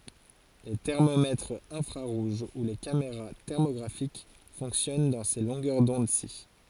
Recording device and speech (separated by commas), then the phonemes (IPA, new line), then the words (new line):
forehead accelerometer, read sentence
le tɛʁmomɛtʁz ɛ̃fʁaʁuʒ u le kameʁa tɛʁmoɡʁafik fɔ̃ksjɔn dɑ̃ se lɔ̃ɡœʁ dɔ̃dsi
Les thermomètres infrarouges ou les caméras thermographiques fonctionnent dans ces longueurs d'onde-ci.